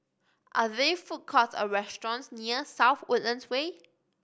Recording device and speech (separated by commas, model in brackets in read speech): boundary microphone (BM630), read sentence